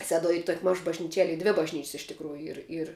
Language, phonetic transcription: Lithuanian, ˈseduoj ˈy ˈtuok' ˈmaž bažnyˈčiel' ˈy ˈdvi bažˈnyč's' iš tikˈrųju ˈyr ir

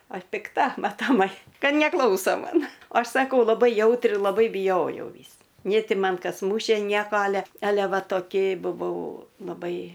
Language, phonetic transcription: Lithuanian, aš pikˈta matoˈmai ˈka neˈklauso ˈman o ˈaš saˈkau laˈbai ˈjautri laˈbai bijojau ˈvys nė ˈti ˈman ˈkas ˈmūšė ˈnieko ˈale ˈale ˈva toˈki buˈvau laˈbai

